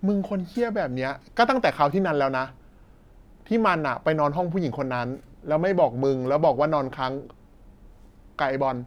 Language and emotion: Thai, angry